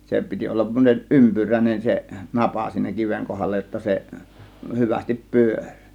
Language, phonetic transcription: Finnish, 'se piti ollav (sem)moneˀ "ˀympyrä̀ĭnen se "napa siinä 'kiveŋ 'kohalla jotta se , 'hyvästip "pyör͕ .
- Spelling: se piti olla semmoinen ympyräinen se napa siinä kiven kohdalla jotta se hyvästi pyöri

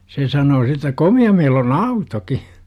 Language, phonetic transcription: Finnish, 'se sanoo si - -tä "komi₍a meil ‿on "autoki !
- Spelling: se sanoi - että komea meillä on autokin

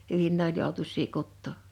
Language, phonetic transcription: Finnish, 'hyvin ne ‿oĺ 'jòutus̀ii 'kuttò .
- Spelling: hyvin ne oli joutuisia kutoa

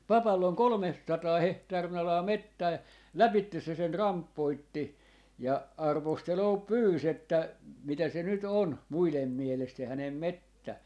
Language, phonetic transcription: Finnish, "papall ‿oŋ "kolmessataa 'hehtaari'n ‿alaa "mettää ja , "läpittes 'se 'sen "ramppoitti , ja 'arvosteloo "pyys ‿että , » 'mitä se nyt 'on , 'muilem 'mielest se 'hänem "mettä » .
- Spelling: papalla on kolmesataa hehtaarin alaa metsää ja lävitse se sen rampoitti ja arvostelua pyysi että mitä se nyt on muiden mielestä se hänen metsä

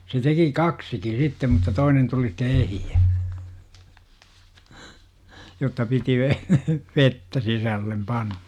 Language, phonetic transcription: Finnish, se 'teki "kaksiki 'sittem mutta 'toinen tuli ste 'ehijä , jotta 'piti ve- , "vettä 'sisällem "panNA .
- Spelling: se teki kaksikin sitten mutta toinen tuli sitten ehjä jotta piti - vettä sisälle panna

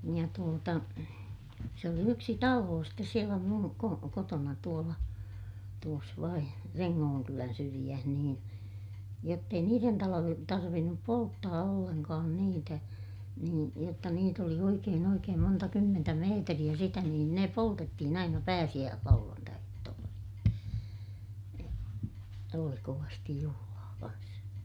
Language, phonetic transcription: Finnish, ja tuota , se oli yksi taloo stes sielä mun , ko - kotona tuola , tuos vain , Reŋŋooŋkylän syriʲäh niin , jott ‿ei niiren talojen tarvinnup polttaa ollenkaan niitä , niin , jotta niit ‿oli oikeen ‿oikeem monta kymmentä meetriʲä sitä niin ne poltettihin aina pääsiʲääslauᵛantai₍ehtoo(lla) sitte , ja , oli kovastij juhulaa kans .¨
- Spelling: ja tuota se oli yksi talo sitten siellä minun - kotona tuolla tuossa vain Rengonkylän syrjässä niin jotta ei niiden talojen tarvinnut polttaa ollenkaan niitä niin jotta niitä oli oikein oikein monta kymmentä metriä sitä niin ne poltettiin aina pääsiäislauantaiehtoolla sitten ja oli kovasti juhlaa kanssa

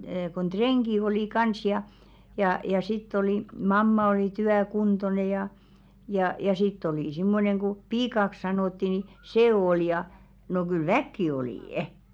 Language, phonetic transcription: Finnish, kon "treŋɢi olì 'kans ja , jà ja sitt ‿oli , "mamma oli 'tyä'kuntone jà , jà ja sitt ‿oli simmoneŋ ɢu "piikaks 'sanòtti ni , "see ol ja , no kyl "väkki 'olì' .
- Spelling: kun rengit oli kanssa ja ja ja sitten oli mamma oli työkuntoinen ja ja ja sitten oli semmoinen kun piiaksi sanottiin niin se oli ja no kyllä väkeä oli

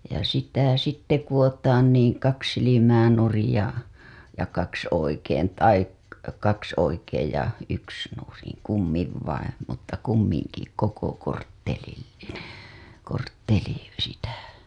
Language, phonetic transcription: Finnish, ja sitä 'sitte 'kuWotaan niiŋ 'kaks silimää nurij ja , ja 'kaks oikeen tai , 'kaks oikeej ja yks nuriŋ kummiv vaim , mutta 'kummiŋki 'koko korttelil(linen) , kortteli , sitä .
- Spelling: ja sitä sitten kudotaan niin kaksi silmää nurin ja ja kaksi oikein tai kaksi oikein ja yksi nurin kummin vain mutta kumminkin koko korttelillinen kortteli sitä

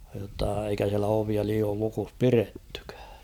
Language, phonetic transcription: Finnish, jotta eikä siälä ovia 'liiool lukus "pirettʏkᴀ̈ᴀ̈ .
- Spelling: jotta eikä siellä ovia liioin lukossa pidettykään

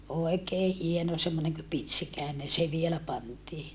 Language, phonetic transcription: Finnish, oekee hieno semmoneŋ kö pitsikä̀enen se vielä pantii .
- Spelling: oikein hieno semmoinen kuin pitsikäinen se vielä pantiin

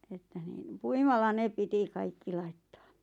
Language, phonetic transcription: Finnish, 'että niin , "puimalla 'ne 'piti "kaikki 'laittᴀᴀ .
- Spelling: että niin puimalla ne piti kaikki laittaa

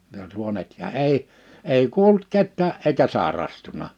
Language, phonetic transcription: Finnish, ja 'suonet ja 'èi 'èi 'kuolᵘt 'kettää’ ’eikä 'sàerastuna .
- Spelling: ja suonet ja ei ei kuollut ketään eikä sairastunut

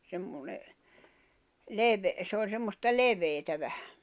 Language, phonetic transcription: Finnish, semmone , 'levᵉ- s ‿ooĺ semmosta "leve̳e̳tä 'vähᴀ̈ .
- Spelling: semmoinen - se oli semmoista leveää vähän

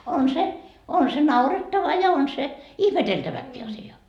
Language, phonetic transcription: Finnish, on "se , on se 'naurettava ja on se , "ihmeteltäväkkii asi₍a .
- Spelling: on se on se naurettava ja on se ihmeteltäväkin asia

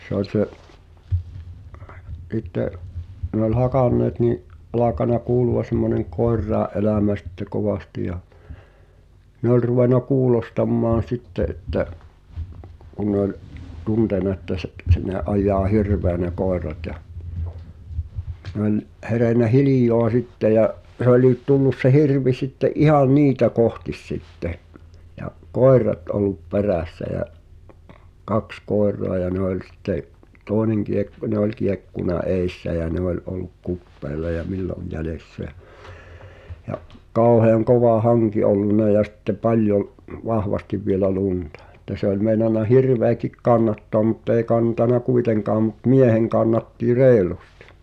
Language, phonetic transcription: Finnish, se ‿oĺ se’ , ’[s]itte’ , ne ‿ol 'hakanneet ni’ , ’alakana 'kuulu₍a semmoneŋ "koerràe’ ’elä̀mä sitte 'kovasti ja , 'ne ‿ol ruvena "kuulostammaan̬ 'sitte 'että , kun̆ nᵉ ‿oĺ , 'tuntèna ᵉttä se (t-) se ne ’aj̆jaa "hirveä ne "koerat ja , ne ‿oĺ , ’herènä "hilij̀oa sitte ja’ , 'h̳e ‿oliit tullus se 'hirvi sitte’ '’ihaⁿ "niitä "kohtis 'sitte , ja , "koer̀at ol̆lup "perä̀ssä jä , "kaks 'koer̆roa ja ne ‿oĺ sitte’ , "tòeneŋ kiek(kᵒ)- 'nᵉ ‿ol kiekkuna "èissä jä 'ne ‿oĺ ol̆luk "kuppeela ja "milloj 'jälessä ᴊᴀ̈ , ja’ , "kàu̬hèᵃŋ "kova "haŋki olluna ja sⁱtte "paljov , 'vahvastiv vielä "luntᴀ ᴱttä se ‿oĺ 'mèi̬nana "hirveäkik 'kannattoam mu't ‿èi 'kantana "kuiteŋkaam mut "mieheŋ kannatti "reelustɪ .
- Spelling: se oli se sitten ne oli hakanneet niin alkanut kuulua semmoinen koirien elämä sitten kovasti ja ne oli ruvennut kuulostamaan sitten että kun ne oli tuntenut että se - se ne ajaa hirveä ne koirat ja ne oli herännyt hiljaa sitten ja se olikin tullut se hirvi sitten ihan niitä kohti sitten ja koirat ollut perässä ja kaksi koiraa ja ne oli sitten toinen - ne oli kiekkunut edessä ja ne oli ollut kupeella ja milloin jäljessä ja ja kauhean kova hanki ollut ja sitten paljon vahvasti vielä lunta että se oli meinannut hirveäkin kannattaa mutta ei kantanut kuitenkaan mutta miehen kannatti reilusti

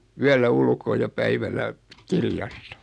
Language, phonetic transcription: Finnish, 'yällä "ulkoo ja 'päivälä , "kirjastᴀ .
- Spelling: yöllä ulkoa ja päivällä kirjasta

